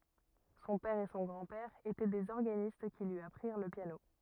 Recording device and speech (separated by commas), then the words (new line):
rigid in-ear microphone, read sentence
Son père et son grand-père étaient des organistes qui lui apprirent le piano.